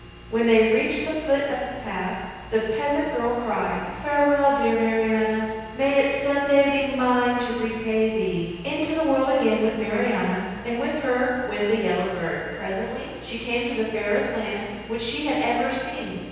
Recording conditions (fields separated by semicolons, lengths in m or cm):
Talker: one person; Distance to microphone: 7.1 m; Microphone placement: far; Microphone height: 1.7 m; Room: very reverberant, large; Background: none